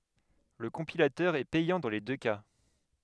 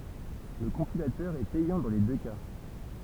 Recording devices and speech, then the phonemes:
headset microphone, temple vibration pickup, read sentence
lə kɔ̃pilatœʁ ɛ pɛjɑ̃ dɑ̃ le dø ka

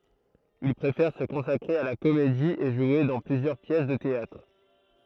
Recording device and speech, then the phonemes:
throat microphone, read sentence
il pʁefɛʁ sə kɔ̃sakʁe a la komedi e ʒwe dɑ̃ plyzjœʁ pjɛs də teatʁ

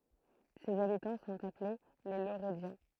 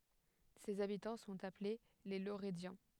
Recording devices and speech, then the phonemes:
throat microphone, headset microphone, read sentence
sez abitɑ̃ sɔ̃t aple le loʁədjɑ̃

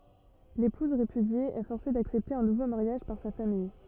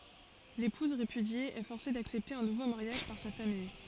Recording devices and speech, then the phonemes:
rigid in-ear microphone, forehead accelerometer, read sentence
lepuz ʁepydje ɛ fɔʁse daksɛpte œ̃ nuvo maʁjaʒ paʁ sa famij

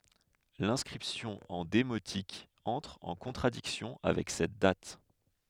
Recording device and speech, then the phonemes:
headset microphone, read sentence
lɛ̃skʁipsjɔ̃ ɑ̃ demotik ɑ̃tʁ ɑ̃ kɔ̃tʁadiksjɔ̃ avɛk sɛt dat

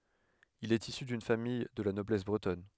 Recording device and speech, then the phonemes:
headset microphone, read sentence
il ɛt isy dyn famij də la nɔblɛs bʁətɔn

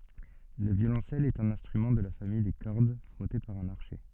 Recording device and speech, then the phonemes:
soft in-ear microphone, read sentence
lə vjolɔ̃sɛl ɛt œ̃n ɛ̃stʁymɑ̃ də la famij de kɔʁd fʁɔte paʁ œ̃n aʁʃɛ

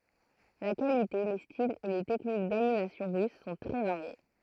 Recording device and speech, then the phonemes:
throat microphone, read sentence
la kalite le stilz e le tɛknik danimasjɔ̃ ʁys sɔ̃ tʁɛ vaʁje

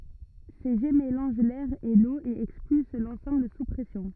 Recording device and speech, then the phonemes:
rigid in-ear microphone, read sentence
se ʒɛ melɑ̃ʒ lɛʁ e lo e ɛkspyls lɑ̃sɑ̃bl su pʁɛsjɔ̃

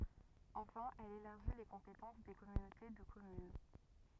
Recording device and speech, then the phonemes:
rigid in-ear microphone, read sentence
ɑ̃fɛ̃ ɛl elaʁʒi le kɔ̃petɑ̃s de kɔmynote də kɔmyn

